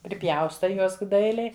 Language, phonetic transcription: Lithuanian, priˈpjaustai ˈjuos ˈdailiai

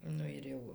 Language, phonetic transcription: Lithuanian, ˈnu ir ˈjau

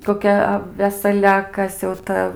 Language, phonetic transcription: Lithuanian, koˈkia a vesaˈlia a ˈkas jau ˈta

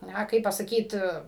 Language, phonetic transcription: Lithuanian, ˈna ˈkaip pasaˈkyt

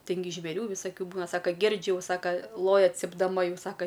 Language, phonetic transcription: Lithuanian, ˈtin gi žvėˈrių visaˈkių ˈbūna ˈsaka ˈgirdžiu jau ˈsaka ˈloja cipdaˈma ˈjau ˈsaka

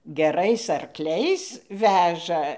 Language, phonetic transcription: Lithuanian, geˈrais arˈkliais ˈveža

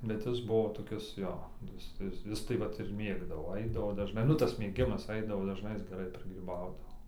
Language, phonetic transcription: Lithuanian, bet ˈjis ˈbuvo toˈkis ˈjo ˈjis ˈjis ˈjis tai ˈvat ir ˈmėgdavo ˈaidavo dažˈnai ˈnu tas mėˈgimas ˈaidavo dažˈnai ˈjis geˈrai prigryˈbaudavo

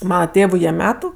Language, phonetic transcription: Lithuanian, ˈmana ˈtėvu jie ˈmetu

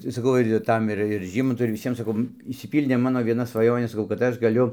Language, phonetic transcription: Lithuanian, tai saˈkau ir ir ˈtam ir ir ˈžymantu ir viˈsiem saˈkau išsiˈpyldė ˈmano vieˈna svaˈjonė saˈkau kad ˈaš gaˈliu

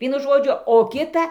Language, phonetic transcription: Lithuanian, ˈvienu ˈžodžiu o ˈkita

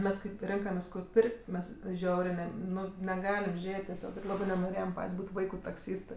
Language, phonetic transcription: Lithuanian, ˈmes ˈkaip ˈrinkamės kur ˈpirk't' ˈmes ˈžiaurė ne ˈnu neˈgalim ˈžėt' teˈsiog ˈir ˈlabɜ nenoˈrėjem ˈpat's' ˈbūt' ˈvaiku takˈsystɜ

